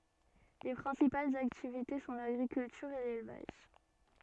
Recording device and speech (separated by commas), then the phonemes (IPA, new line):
soft in-ear microphone, read sentence
le pʁɛ̃sipalz aktivite sɔ̃ laɡʁikyltyʁ e lelvaʒ